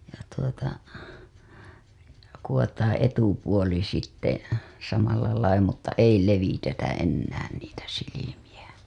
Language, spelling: Finnish, ja tuota kudotaan etupuoli sitten samalla lailla mutta ei levitetä enää niitä silmiä
- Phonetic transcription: ja tuota , kuwotaaa̰ 'etupuoli sitte , samallalai mutta 'ei 'levitetä 'ennään niitä silimiʲä .

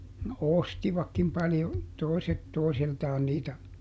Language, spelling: Finnish, no ostivatkin paljon toiset toisiltaan niitä
- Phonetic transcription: no "ostivakkim paljo , ˈtòi̮set ˈtoisiltaan niitä .

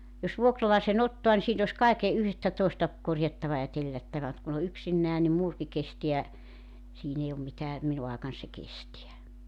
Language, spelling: Finnish, jos vuokralaisen ottaa niin siinä olisi kaiken yhtä toista korjattava ja tellättävä mutta kun on yksinään niin muurikin kestää siinä ei ole mitään minun aikani se kestää
- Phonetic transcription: jos 'vuokralaise'n ‿ottoa ni siin ‿os 'kaike , 'yhtä toista , 'korjattava ja 'tellättävä ᵐᵘt kun ‿o 'yksinnää nim 'muurki 'kesteä , 'siin ‿ei om mitää , 'minu aekan se 'kestiä .

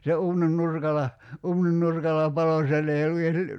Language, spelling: Finnish, se uunin nurkalla uunin nurkalla paloi siellä ei ollut edes -
- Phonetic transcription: se 'uunin 'nurkala , 'uunin nurkal̆la "palo siell ‿ei ollu ies ly- ,.

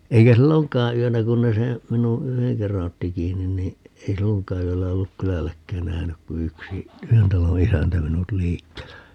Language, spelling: Finnish, eikä silloinkaan yönä kun ne se minun yhden kerran otti kiinni niin ei silloinkaan yöllä ollut kylälläkään nähnyt kuin yksi yhden talon isäntä minut liikkeellä
- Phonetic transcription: 'eikä "silloŋk̆kaa 'yönä 'kun ne seè , 'minu , "yheŋ 'kerra'n ‿otti "kiinnin nii , 'ei "silloŋk̀aa 'yöllä 'olluk "kylälläkkään 'nähnyk ku 'yksi , 'yhen talo "isäntä 'minut "liikkeellä .

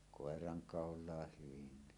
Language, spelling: Finnish, koirankaulaan hyvinkin
- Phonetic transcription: kòeranŋkàol̀aah 'hyvinni .

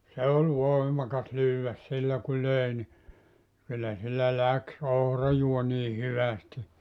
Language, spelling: Finnish, se oli voimakas lyödä sillä kun löi niin kyllä sillä lähti ohrajuonikin hyvästi
- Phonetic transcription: 'se ol "voimakas 'lyywväs 'sillä ku 'löè ni , kyllä sillä "läks 'ohrajuoniiʰ 'hyvästi .

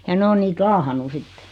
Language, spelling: Finnish, ja ne on niitä laahannut sitten
- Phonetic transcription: ja 'ne o niit 'laahannu 'sitte .

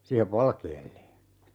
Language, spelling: Finnish, siihen valkealle
- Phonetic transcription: 'siihev "valkeelle .

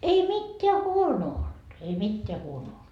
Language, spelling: Finnish, ei mitään huonoa ollut ei mitään huonoa ollut
- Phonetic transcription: ei "mitteä "huonoo olD , ei 'mitteä huono olD .

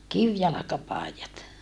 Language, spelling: Finnish, kivijalkapaidat
- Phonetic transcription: kivjalakapàijat .

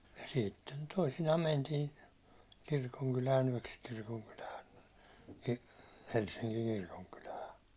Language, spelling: Finnish, ja sitten toisinaan mentiin kirkonkylään yöksi kirkonkylään Helsingin kirkonkylään
- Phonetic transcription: ja 'sitten 'toisinaa 'mäntiin , 'kirkoŋkylään yäₒks kirkoŋkylään , 'Helssiŋkiŋ 'kirkonkylää .

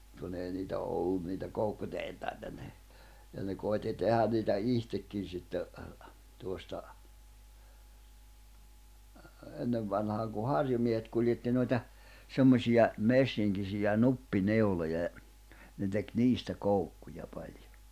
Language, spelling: Finnish, kun ei niitä ollut niitä koukkutehtaita ne ja ne koetti tehdä niitä itsekin sitten tuosta ennen vanhaan kun harjumiehet kuljetti noita semmoisia messinkisiä nuppineuloja ja ne teki niistä koukkuja paljon
- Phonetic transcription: kun ‿ei niitä 'ollun niitä 'koukkutehtaita ne , ja ne 'kòitti 'tehän niitä "ihtekkin̬ sitte , 'tuosta , 'ennevvanhaaŋ ku 'harjumiehet kuĺjetti noita , 'semmośija , 'messiŋkisiʲä 'nuppi'neuloja ja , ne tek "niistä 'koukkuja 'palᴊᴏ .

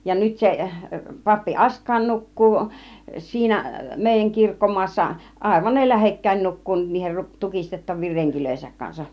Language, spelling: Finnish, ja nyt se pappi Askain nukkuu siinä meidän kirkkomaassa aivan ne lähekkäin nukkuu niiden - tukistettavien renkiensä kanssa
- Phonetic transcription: ja 'nyt se , 'pappi "Ask̆kàin "nuk̀kuu , 'siinä , 'mèijäŋ "kirkko-mu̬as̆sa , 'àivan ne "lähekkäin 'nukkuu niihen ruˀ- 'tukistettav̆viir 'reŋkilöihesäk kansaˀ .

